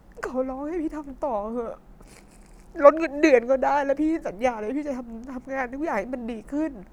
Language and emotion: Thai, sad